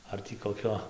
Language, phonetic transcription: Lithuanian, ˈar tį koˈkio

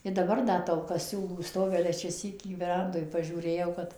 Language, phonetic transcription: Lithuanian, i daˈbar ˈda tolˈka ˈsiūlų ˈstovi ˈale čia ˈsykį veˈrandoj pažiūˈrėjau kad

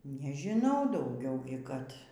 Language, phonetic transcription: Lithuanian, nežiˈnau dauˈgiau kad

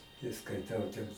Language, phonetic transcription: Lithuanian, tai skaiˈtau ten

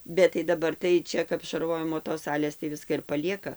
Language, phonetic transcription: Lithuanian, bet tai daˈbar tai ˈčia kap šarˈvojimo tos ˈsalės tai ˈviska ir paˈlieka

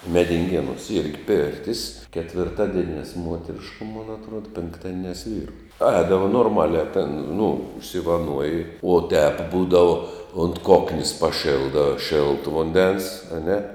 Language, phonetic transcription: Lithuanian, medinˈgėnuos ˈirgi ˈpėrtis ketvirˈtadienias ˈmuoterišku mon atˈruoda pinkˈtadienias ˈvyru ˈēdavo norˈmaliā ten nu užsivaˈnuoji uo tep ˈbūdavu unt ˈkoknės paˈšėlda ˈšėltu ˈvundens aˈne

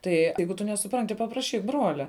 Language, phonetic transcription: Lithuanian, ˈtai ˈeigu tu nesuˈpranti papraˈšyk ˈbruolia

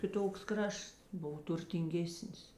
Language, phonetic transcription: Lithuanian, kiˈtoks ˈkrašts ˈbov turtinˈgėsnis

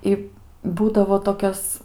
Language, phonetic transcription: Lithuanian, ˈi ˈbūdavo toˈkias

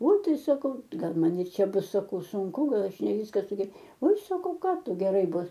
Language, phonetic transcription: Lithuanian, oi ˈtai saˈkau ˈgal ˈman ir ˈčia ˈbus saˈkau sunˈku ˈgal aš ne ˈvyska suge oi saˈkau ˈką ˈtu geˈrai ˈbus

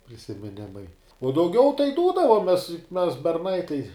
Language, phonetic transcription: Lithuanian, prisimiˈnimai uo dauˈgiau tai ˈdūdavomes juk mes berˈnai tai

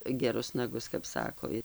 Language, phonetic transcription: Lithuanian, geˈrus naˈgus kap ˈsako

